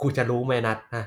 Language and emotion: Thai, frustrated